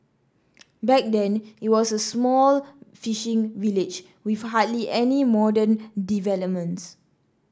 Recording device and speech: standing microphone (AKG C214), read sentence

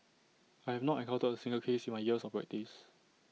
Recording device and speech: mobile phone (iPhone 6), read sentence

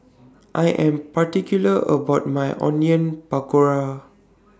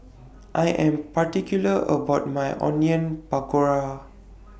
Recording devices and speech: standing microphone (AKG C214), boundary microphone (BM630), read sentence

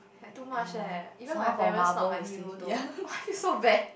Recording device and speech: boundary microphone, conversation in the same room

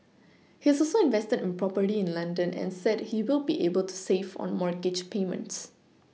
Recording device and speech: mobile phone (iPhone 6), read sentence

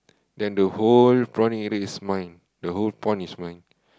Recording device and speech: close-talking microphone, conversation in the same room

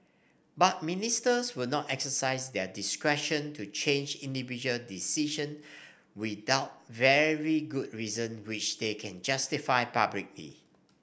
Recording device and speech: boundary microphone (BM630), read sentence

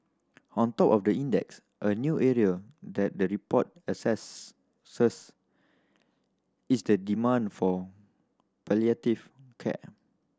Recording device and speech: standing microphone (AKG C214), read sentence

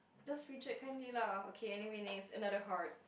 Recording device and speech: boundary microphone, conversation in the same room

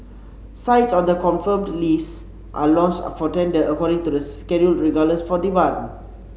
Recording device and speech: mobile phone (Samsung C7), read sentence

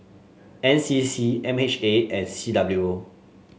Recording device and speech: mobile phone (Samsung S8), read sentence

